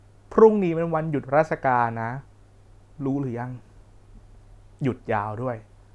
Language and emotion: Thai, neutral